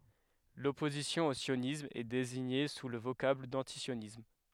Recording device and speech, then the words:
headset microphone, read sentence
L'opposition au sionisme est désignée sous le vocable d'antisionisme.

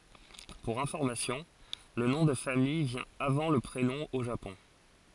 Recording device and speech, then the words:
forehead accelerometer, read sentence
Pour information, le nom de famille vient avant le prénom au Japon.

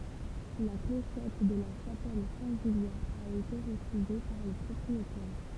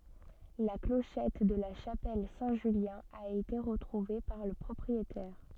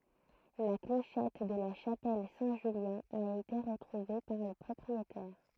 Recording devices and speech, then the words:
temple vibration pickup, soft in-ear microphone, throat microphone, read sentence
La clochette de la chapelle Saint-Julien a été retrouvée par le propriétaire.

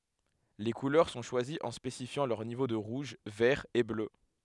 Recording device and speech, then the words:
headset microphone, read sentence
Les couleurs sont choisies en spécifiant leurs niveaux de rouge, vert et bleu.

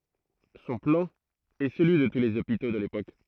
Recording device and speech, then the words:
throat microphone, read sentence
Son plan est celui de tous les hôpitaux de l’époque.

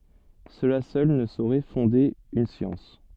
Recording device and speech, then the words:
soft in-ear microphone, read sentence
Cela seul ne saurait fonder une science.

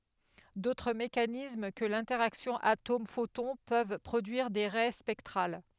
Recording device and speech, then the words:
headset microphone, read sentence
D'autres mécanismes que l'interaction atome-photon peuvent produire des raies spectrales.

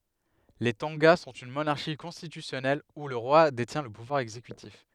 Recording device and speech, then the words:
headset microphone, read sentence
Les Tonga sont une monarchie constitutionnelle où le roi détient le pouvoir exécutif.

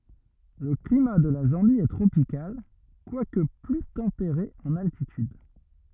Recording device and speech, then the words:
rigid in-ear microphone, read sentence
Le climat de la Zambie est tropical, quoique plus tempéré en altitude.

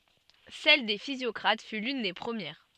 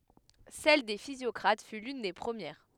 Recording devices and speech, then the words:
soft in-ear microphone, headset microphone, read sentence
Celle des physiocrates fut l'une des premières.

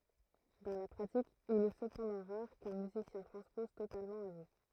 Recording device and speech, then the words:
throat microphone, read sentence
Dans la pratique, il est cependant rare qu'un musicien transpose totalement à vue.

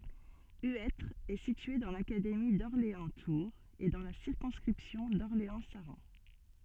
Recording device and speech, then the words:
soft in-ear microphone, read sentence
Huêtre est situé dans l'académie d'Orléans-Tours et dans la circonscription d'Orléans-Saran.

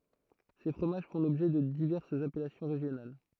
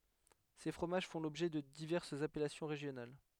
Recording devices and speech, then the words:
throat microphone, headset microphone, read sentence
Ces fromages font l'objet de diverses appellations régionales.

